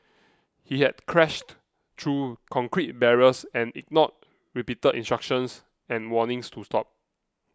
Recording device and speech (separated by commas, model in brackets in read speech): close-talking microphone (WH20), read sentence